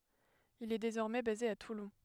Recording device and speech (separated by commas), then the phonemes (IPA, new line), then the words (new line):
headset microphone, read sentence
il ɛ dezɔʁmɛ baze a tulɔ̃
Il est désormais basé à Toulon.